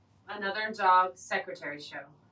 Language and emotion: English, sad